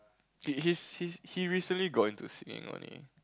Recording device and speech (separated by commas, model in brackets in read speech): close-talking microphone, conversation in the same room